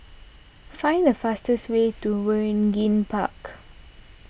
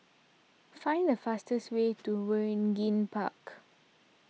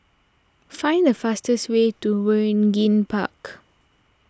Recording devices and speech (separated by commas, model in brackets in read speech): boundary microphone (BM630), mobile phone (iPhone 6), standing microphone (AKG C214), read sentence